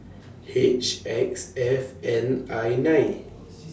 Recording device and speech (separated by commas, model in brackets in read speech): standing microphone (AKG C214), read sentence